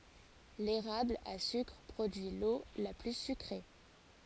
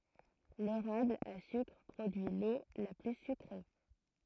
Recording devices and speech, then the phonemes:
forehead accelerometer, throat microphone, read sentence
leʁabl a sykʁ pʁodyi lo la ply sykʁe

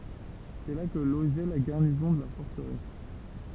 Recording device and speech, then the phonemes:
temple vibration pickup, read sentence
sɛ la kə loʒɛ la ɡaʁnizɔ̃ də la fɔʁtəʁɛs

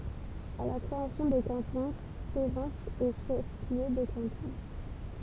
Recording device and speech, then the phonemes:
temple vibration pickup, read sentence
a la kʁeasjɔ̃ de kɑ̃tɔ̃ seʁɑ̃sz ɛ ʃɛf ljø də kɑ̃tɔ̃

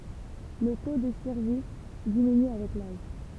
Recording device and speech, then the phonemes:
temple vibration pickup, read sentence
lə to də syʁvi diminy avɛk laʒ

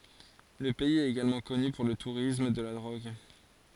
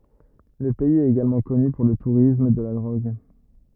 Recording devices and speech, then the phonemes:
forehead accelerometer, rigid in-ear microphone, read sentence
lə pɛiz ɛt eɡalmɑ̃ kɔny puʁ lə tuʁism də la dʁoɡ

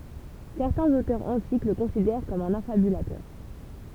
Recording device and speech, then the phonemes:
temple vibration pickup, read sentence
sɛʁtɛ̃z otœʁz ɑ̃tik lə kɔ̃sidɛʁ kɔm œ̃n afabylatœʁ

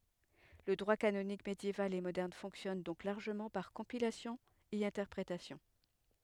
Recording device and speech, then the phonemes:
headset microphone, read sentence
lə dʁwa kanonik medjeval e modɛʁn fɔ̃ksjɔn dɔ̃k laʁʒəmɑ̃ paʁ kɔ̃pilasjɔ̃ e ɛ̃tɛʁpʁetasjɔ̃

